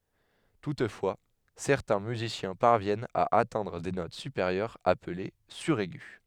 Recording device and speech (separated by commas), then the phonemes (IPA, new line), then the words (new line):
headset microphone, read sentence
tutfwa sɛʁtɛ̃ myzisjɛ̃ paʁvjɛnt a atɛ̃dʁ de not sypeʁjœʁz aple syʁɛɡy
Toutefois, certains musiciens parviennent à atteindre des notes supérieures appelées suraigu.